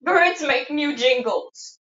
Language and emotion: English, sad